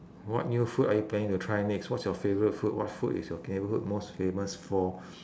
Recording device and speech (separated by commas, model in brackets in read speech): standing microphone, conversation in separate rooms